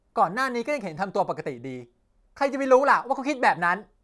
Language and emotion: Thai, angry